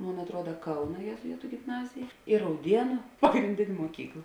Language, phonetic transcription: Lithuanian, ˈmon atˈruoda ˈkauna jėzuˈitu gimˈnazija i rauˈdienu pagrinˈdėn' moˈkykla

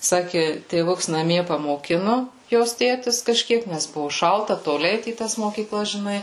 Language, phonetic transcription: Lithuanian, ˈsaki tėˈvuks naˈmie pamoˈkinu ˈjos ˈtėtis kaˈžkiek ˈnes ˈbuvu ˈšalta toˈli ˈeit į ˈtas mokyˈklas žiˈnai

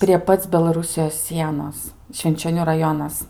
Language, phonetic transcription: Lithuanian, prie ˈpac belaˈrusijos ˈsienos švinčioˈnių raˈjonas

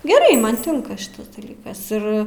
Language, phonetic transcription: Lithuanian, geˈrai ˈman ˈtinka ˈšitas daˈlykas ˈir

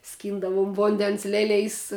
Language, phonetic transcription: Lithuanian, ˈskyndavum ˈvondens ˈlelėjs

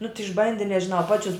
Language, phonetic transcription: Lithuanian, nu ti išˈbandi nežiˈnau ˈpačius

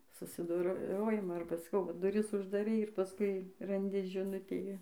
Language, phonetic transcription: Lithuanian, susidoˈrojimo arba saˈkau va duˈris uždaˈrei ir paˈskui ranˈdi žiˈnutė

